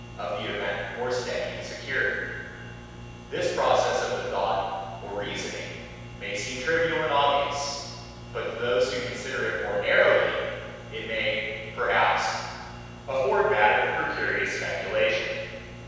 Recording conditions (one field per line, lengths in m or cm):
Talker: one person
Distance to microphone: 7.1 m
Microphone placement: far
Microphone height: 1.7 m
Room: very reverberant, large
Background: none